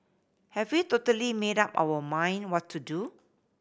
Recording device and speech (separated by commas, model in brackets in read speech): boundary microphone (BM630), read sentence